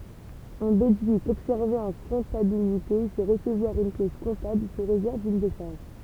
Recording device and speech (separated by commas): temple vibration pickup, read sentence